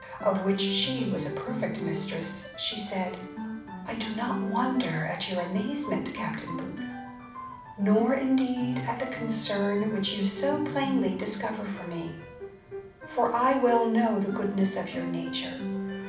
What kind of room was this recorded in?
A medium-sized room (about 5.7 m by 4.0 m).